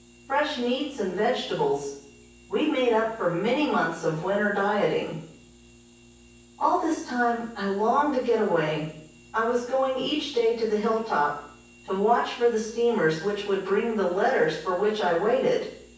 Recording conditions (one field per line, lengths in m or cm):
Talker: one person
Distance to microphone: 9.8 m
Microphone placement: far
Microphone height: 1.8 m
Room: large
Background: none